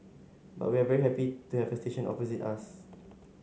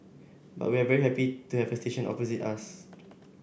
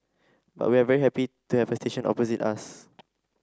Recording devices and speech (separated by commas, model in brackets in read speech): mobile phone (Samsung S8), boundary microphone (BM630), standing microphone (AKG C214), read sentence